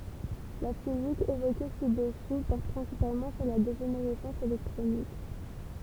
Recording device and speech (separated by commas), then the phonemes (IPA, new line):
temple vibration pickup, read sentence
la fizik evoke si dəsu pɔʁt pʁɛ̃sipalmɑ̃ syʁ la deʒeneʁɛsɑ̃s elɛktʁonik